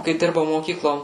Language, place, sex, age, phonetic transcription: Lithuanian, Suvalkija, female, 18-60, kai ˈdirbau moˈkyklo

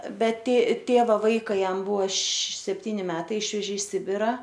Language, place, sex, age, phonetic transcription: Lithuanian, Aukštaitija, female, 18-60, bet tė ˈtėva ˈvaiką ˈjam ˈbuvo š sepˈtyni ˈmetai ˈišvežė i ˈsibira

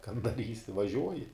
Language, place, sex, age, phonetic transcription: Lithuanian, Žemaitija, male, 18-60, kan daˈrysi vaˈžiuoji

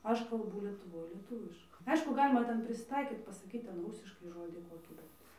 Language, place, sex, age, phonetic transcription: Lithuanian, Dzūkija, female, 18-60, ˈaš kalˈbū lietuˈvoj lieˈtuviška ˈaišku ˈgalima ˈten prisiˈtaikyt pasaˈkyt ˈten ˈrūsiškai ˈžodi ˈkokį ˈbet

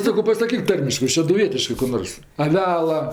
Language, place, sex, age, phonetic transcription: Lithuanian, Aukštaitija, female, 60+, ˈsako pasaˈkyk ˈtarmiškɜ šeduˈvietiškɜ ku ˈnors aˈvela

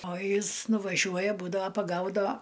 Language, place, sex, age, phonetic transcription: Lithuanian, Aukštaitija, female, 60+, o ˈjis nuvaˈžiuoja būdava paˈgaudava

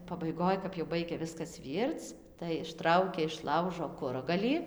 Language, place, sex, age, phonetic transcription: Lithuanian, Dzūkija, female, 18-60, pabaiˈgoj kap jau ˈbaigia ˈviskas ˈvyrc tai išˈtraukia iš ˈlaužo ˈkuragalį

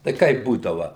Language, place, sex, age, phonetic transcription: Lithuanian, Suvalkija, male, 60+, tai ˈkaip ˈbūdava

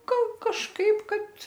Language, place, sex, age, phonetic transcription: Lithuanian, Aukštaitija, female, 60+, ˈgal kažˈkaip ˈkad

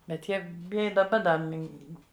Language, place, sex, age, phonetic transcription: Lithuanian, Žemaitija, female, 60+, bet ˈjie b ˈi daˈba da ˈmin

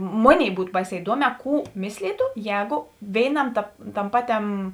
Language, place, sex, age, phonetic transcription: Lithuanian, Žemaitija, female, 18-60, ˈmoˌnėi ˈbūt ˈbaiˌsē iˈduoˌmē ˈkų ˈmislytu ˈjēgu ˈvėiˌnam tap ˈtam ˈpaˌtem

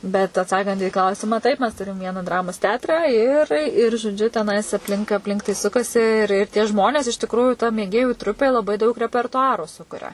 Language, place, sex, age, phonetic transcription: Lithuanian, Suvalkija, female, 18-60, bet atˈsakant į ˈklausimą ˈtaip mes ˈturim ˈviena ˈdramos ˈteatrą ir ir žoˈdžiu teˈnais apˈlink apˈlink tai ˈsukasi ir ir tie ˈžmonės iš tikˈrųju ta mėˈgėjų ˈtrupė laˈbai daug repertuˈaru ˈsukuria

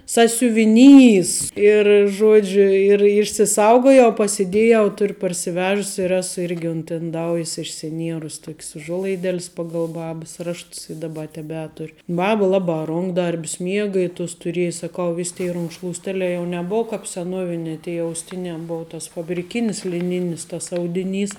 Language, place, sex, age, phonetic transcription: Lithuanian, Žemaitija, female, 18-60, sasiuviˈnys ir ˈžodžiu ir išsiˈsaugojau pasiˈdėjau ˈtur' parsiˈvežus' ir ˈesu ˈirgi unt inˈdaujis išsiˈnierus tok's uˈžuolaiˌdel's paˈgal ˈbabəs ˈrašts i daˈba teˈbetur' ˈbaba ˈlaba ˈrunkdarb's ˈmiega i ˈtus tuˈrėj saˈkau ˈvis' tėi runkšlūsˈtelē jau neˈbov ˈkāp seˈnovinē tėi jau ausˈtinē ˈbou tas fabriˈkinis liˈninis tas ˈaudiˌnys

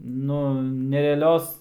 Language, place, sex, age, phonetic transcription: Lithuanian, Aukštaitija, male, 18-60, ˈnu nereaˈlios

